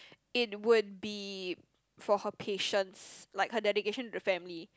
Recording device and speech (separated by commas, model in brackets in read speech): close-talking microphone, conversation in the same room